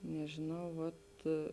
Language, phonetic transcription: Lithuanian, nežėˈnau vat

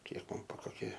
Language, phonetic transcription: Lithuanian, ˈkiek ˈman bu koˈkie

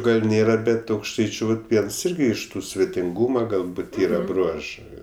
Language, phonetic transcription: Lithuanian, ˈgal' ˈnėra ˈbet aukšˈtaičiu vat ˈviens ˈirgi iš ˈtų svetinˈgūma galˈbūt ˈyra ˈbruožɜ

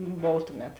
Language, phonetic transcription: Lithuanian, ˈbov ˈtuˌmet

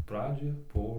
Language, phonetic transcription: Lithuanian, ˈpradžioj ˈbuo

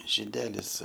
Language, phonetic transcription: Lithuanian, žiˈdelis

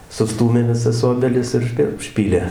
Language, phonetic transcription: Lithuanian, suˈstūmė viˈsas ˈobelis ir užˈpi užˈpylė

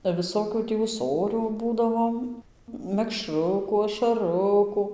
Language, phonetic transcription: Lithuanian, ba viˈsokių ˈtį ūˈsorių ˈbūdavom mekˈšruku ašaˈruku

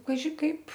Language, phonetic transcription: Lithuanian, kaˈži kaip

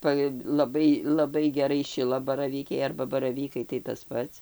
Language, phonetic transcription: Lithuanian, ˈpa laˈbai laˈbai geˈrai ˈšilabaravykiai arba baraˈvykai tai tas ˈpats

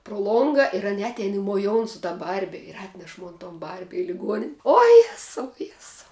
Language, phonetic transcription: Lithuanian, pro ˈlonga ir ˈane ˈatein i moˈjoun su ta ˈbarbi ir ˈatneš ˈmon ton ˈbarbi i liˈguon' o ˈjesau ˈjesau

